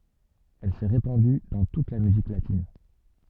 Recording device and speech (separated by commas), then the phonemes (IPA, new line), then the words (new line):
soft in-ear microphone, read sentence
ɛl sɛ ʁepɑ̃dy dɑ̃ tut la myzik latin
Elle s'est répandue dans toute la musique latine.